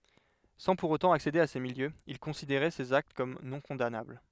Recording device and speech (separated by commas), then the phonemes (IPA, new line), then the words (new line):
headset microphone, read sentence
sɑ̃ puʁ otɑ̃ aksede a se miljøz il kɔ̃sideʁɛ sez akt kɔm nɔ̃kɔ̃danabl
Sans pour autant accéder à ces milieux, il considérait ces actes comme non-condamnables.